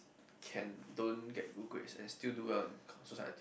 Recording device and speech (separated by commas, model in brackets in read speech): boundary microphone, conversation in the same room